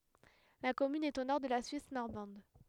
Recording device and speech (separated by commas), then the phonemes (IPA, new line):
headset microphone, read sentence
la kɔmyn ɛt o nɔʁ də la syis nɔʁmɑ̃d